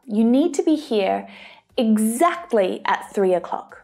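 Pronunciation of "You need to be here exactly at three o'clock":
The word 'at' is stressed for emphasis in this sentence.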